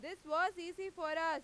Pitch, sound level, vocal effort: 335 Hz, 102 dB SPL, very loud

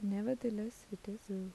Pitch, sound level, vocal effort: 210 Hz, 77 dB SPL, soft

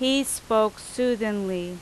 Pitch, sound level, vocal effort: 220 Hz, 88 dB SPL, very loud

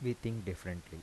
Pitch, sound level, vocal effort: 95 Hz, 80 dB SPL, soft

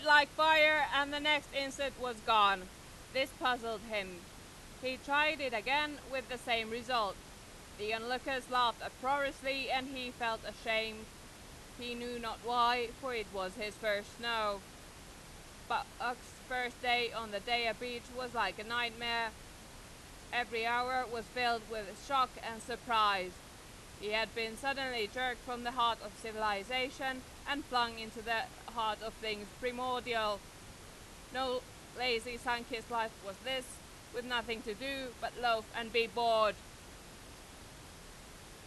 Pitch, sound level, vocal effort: 240 Hz, 98 dB SPL, very loud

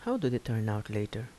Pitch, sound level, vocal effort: 110 Hz, 75 dB SPL, soft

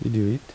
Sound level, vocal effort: 78 dB SPL, soft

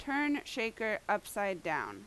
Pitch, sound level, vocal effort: 215 Hz, 88 dB SPL, loud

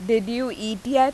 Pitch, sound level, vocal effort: 230 Hz, 89 dB SPL, loud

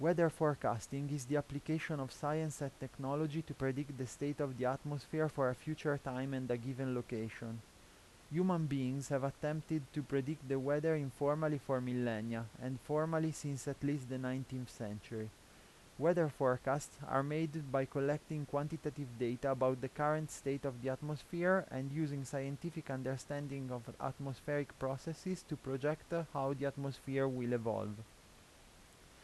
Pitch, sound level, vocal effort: 140 Hz, 84 dB SPL, normal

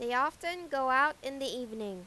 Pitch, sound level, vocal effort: 265 Hz, 95 dB SPL, loud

